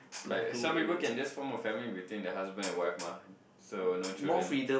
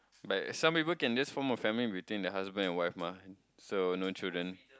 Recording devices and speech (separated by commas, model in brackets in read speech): boundary microphone, close-talking microphone, conversation in the same room